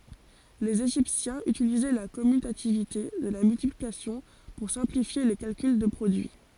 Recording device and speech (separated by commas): forehead accelerometer, read sentence